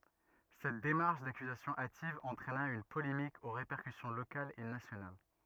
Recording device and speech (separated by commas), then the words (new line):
rigid in-ear microphone, read sentence
Cette démarche d'accusation hâtive entraîna une polémique aux répercussions locales et nationales.